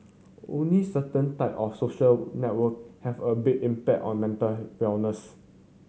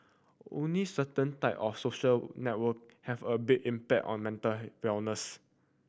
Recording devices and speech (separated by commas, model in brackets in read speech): mobile phone (Samsung C7100), boundary microphone (BM630), read sentence